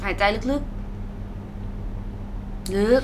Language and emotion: Thai, neutral